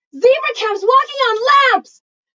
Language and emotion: English, fearful